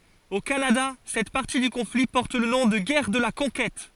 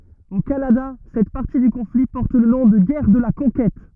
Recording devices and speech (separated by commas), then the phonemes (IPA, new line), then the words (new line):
forehead accelerometer, rigid in-ear microphone, read sentence
o kanada sɛt paʁti dy kɔ̃fli pɔʁt lə nɔ̃ də ɡɛʁ də la kɔ̃kɛt
Au Canada, cette partie du conflit porte le nom de Guerre de la Conquête.